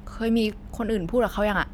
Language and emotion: Thai, neutral